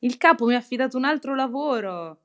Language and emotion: Italian, happy